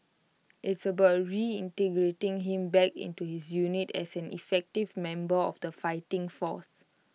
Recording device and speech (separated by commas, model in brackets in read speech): mobile phone (iPhone 6), read sentence